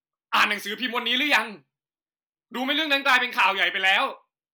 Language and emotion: Thai, angry